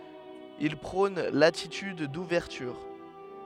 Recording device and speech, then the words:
headset microphone, read sentence
Il prône l'attitude d'ouverture.

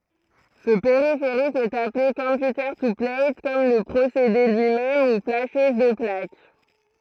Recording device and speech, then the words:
throat microphone, read sentence
Ce périphérique est appelé computer-to-plate, comme le procédé lui-même, ou flasheuse de plaque.

